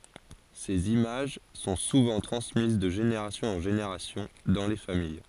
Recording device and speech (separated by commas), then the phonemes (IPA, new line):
forehead accelerometer, read sentence
sez imaʒ sɔ̃ suvɑ̃ tʁɑ̃smiz də ʒeneʁasjɔ̃z ɑ̃ ʒeneʁasjɔ̃ dɑ̃ le famij